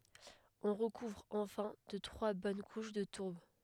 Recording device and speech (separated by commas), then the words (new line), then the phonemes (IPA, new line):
headset microphone, read sentence
On recouvre enfin de trois bonnes couches de tourbe.
ɔ̃ ʁəkuvʁ ɑ̃fɛ̃ də tʁwa bɔn kuʃ də tuʁb